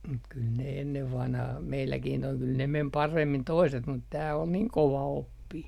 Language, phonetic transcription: Finnish, mut kyl ne 'ennev 'vanhah meilläkin toi , kyl ne "mem 'paremmin 'toiset mut tää ol 'niŋ kova₍oppii .
- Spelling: mutta kyllä ne ennen vanhaan meilläkin tuo kyllä ne meni paremmin toiset mutta tämä oli niin kovaoppinen

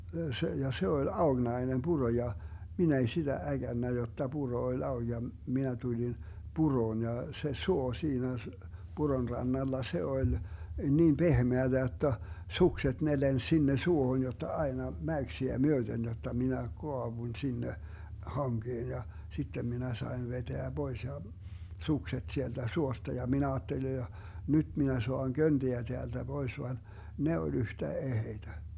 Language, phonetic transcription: Finnish, 'se , ja 'se oĺ 'aoGnai̮nem "Buro ja , 'minä ei siDä 'äGännä jotta 'Buro oĺ 'aoG ja , 'minä 'tulin , 'Buroon ja , 'se 'suo 'siinä s- , "Buron 'rannalla 'se 'oĺ , 'niim "BehmeäDä jotta , "sukset 'ne 'lens 'sinne 'suohon jotta 'ai̮na , "mäyksiä 'myöDen 'jotta 'minä "koavuⁱn 'sinne , 'haŋGeen ja , 'sittem minä saen 'veteä 'Bois ja , "sukset 'sieltä 'suosta ja mi'n ‿aatteli ja , » 'nyD minä 'soaŋ "könDiä 'teälDä 'Bois » van , 'ne oĺ 'yhtä 'eheitä .
- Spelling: se ja se oli aukinainen puro ja minä ei sitä äkännyt jotta puro oli auki ja minä tulin puroon ja se suo siinä - puron rannalla se oli niin pehmeää jotta sukset ne lensi sinne suohon jotta aina mäyksiä myöten jotta minä kaaduin sinne hankeen ja sitten minä sain vetää pois ja sukset sieltä suosta ja minä ajattelin ja nyt minä saan köntiä täältä pois vaan ne oli yhtä eheitä

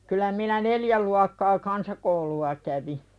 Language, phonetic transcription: Finnish, kyl̆lä minä "neljä luakkaa 'kansakoulu₍a kävi .
- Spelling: kyllä minä neljä luokkaa kansakoulua kävin

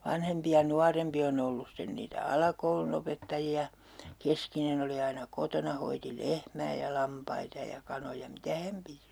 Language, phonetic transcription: Finnish, 'vanhempi ja 'nuarempi on ‿ollus sten niitä "alakoulunopettaji₍a , 'keskinen ‿ oli aina 'kotona hoiti "lehmää ja "lampaita ja 'kanoja "mitä häm piti .
- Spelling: vanhempi ja nuorempi on ollut sitten niitä alakoulunopettajia keskinen oli aina kotona hoiti lehmää ja lampaita ja kanoja mitä hän piti

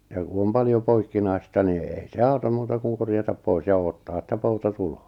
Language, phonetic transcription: Finnish, ja ku om 'paljo 'poikkinai̬sta ni èi se "auta(m) 'muuta kuŋ 'korjatap "pois ja 'ootta että 'pouta "tuloo .
- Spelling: ja kun on paljon poikkinaista niin ei se auta muuta kuin korjata pois ja odottaa että pouta tulee

